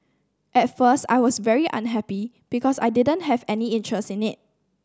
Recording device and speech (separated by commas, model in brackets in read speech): standing microphone (AKG C214), read sentence